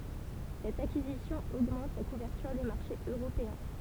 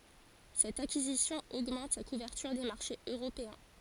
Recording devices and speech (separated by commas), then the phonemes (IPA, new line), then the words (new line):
temple vibration pickup, forehead accelerometer, read sentence
sɛt akizisjɔ̃ oɡmɑ̃t sa kuvɛʁtyʁ de maʁʃez øʁopeɛ̃
Cette acquisition augmente sa couverture des marchés européens.